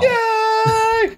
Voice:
weirdly high-pitched